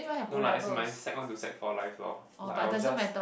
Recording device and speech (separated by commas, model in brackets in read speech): boundary microphone, conversation in the same room